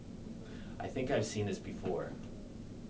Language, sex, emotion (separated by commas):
English, male, neutral